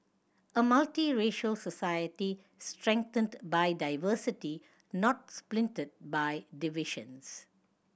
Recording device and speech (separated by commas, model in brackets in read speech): boundary microphone (BM630), read sentence